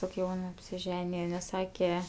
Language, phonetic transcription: Lithuanian, tok' ˈjaun apsiˈženije nes ˈsake

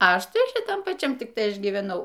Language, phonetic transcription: Lithuanian, ˈaš ˈtai šiˈtam paˈčiam ˈtik ˈtai ˈaš gyveˈnau

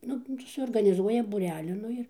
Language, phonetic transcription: Lithuanian, ˈnu tai suorganiˈzuoja būˈrelį ˈnu ir

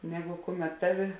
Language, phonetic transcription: Lithuanian, ˈneˌgu ˈkuˌmet ˈtaˌvi

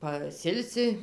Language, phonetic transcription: Lithuanian, paˈsilsi

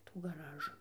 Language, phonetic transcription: Lithuanian, tų gaˈražu

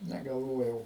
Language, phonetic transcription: Lithuanian, negalˈvojau

